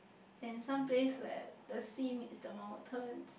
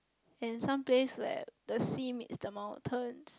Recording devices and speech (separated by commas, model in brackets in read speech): boundary microphone, close-talking microphone, conversation in the same room